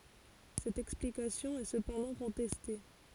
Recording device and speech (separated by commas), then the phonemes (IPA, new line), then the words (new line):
forehead accelerometer, read sentence
sɛt ɛksplikasjɔ̃ ɛ səpɑ̃dɑ̃ kɔ̃tɛste
Cette explication est cependant contestée.